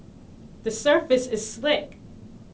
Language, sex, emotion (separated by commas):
English, female, neutral